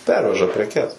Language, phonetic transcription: Lithuanian, ˈperveža preˈkes

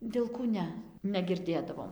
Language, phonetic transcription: Lithuanian, vilˈkų ˈne negirˈdėdavom

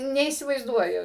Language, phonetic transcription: Lithuanian, neįsivaizˈduoju

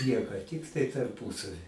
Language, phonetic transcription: Lithuanian, ˈnieko ˈtiktai tarˈpūsavi

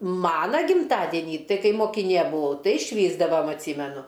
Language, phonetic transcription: Lithuanian, ˈmana gimˈtadinį ˈtai ˈkaip mokiˈnė buˈvau ˈtai švįsdavam atˈsymenu

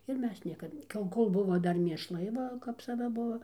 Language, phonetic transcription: Lithuanian, ir ˈmes ˈniekad ka jau ˈkol ˈbuvo ˈdar mėšˈlai ˈva kap saˈva ˈbuo

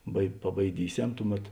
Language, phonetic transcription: Lithuanian, bai pabaiˈdyˌsem ˈtuˌmet

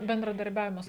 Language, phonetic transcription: Lithuanian, bendradarˈbiavimas

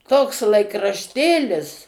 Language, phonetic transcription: Lithuanian, toks laikrašˈtėlis

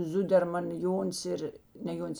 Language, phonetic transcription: Lithuanian, ˈzuderman ˈjon's ir ne ˈjon's

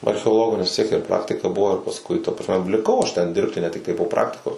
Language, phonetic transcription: Lithuanian, archeoˈlogo nes vis tiek ir ˈpraktika ˈbuvo ir pasˈkui ta prasˈme liˈkau ˈaš ˈten ˈdirbti ne ˈtiktai po ˈpraktikos

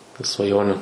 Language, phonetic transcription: Lithuanian, ir svaˈjoniu

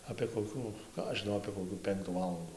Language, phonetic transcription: Lithuanian, apė koˈkių ˈką aš žiˈnau apė koˈkių ˈpenktų ˈvalandų

